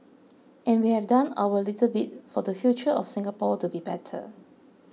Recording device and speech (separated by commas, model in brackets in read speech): mobile phone (iPhone 6), read sentence